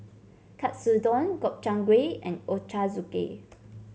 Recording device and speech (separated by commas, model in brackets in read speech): mobile phone (Samsung C7), read sentence